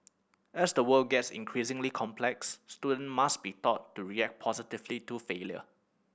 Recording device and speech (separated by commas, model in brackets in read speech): boundary microphone (BM630), read sentence